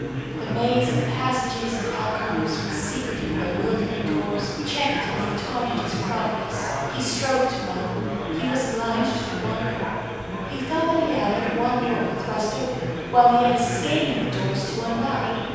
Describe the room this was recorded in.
A very reverberant large room.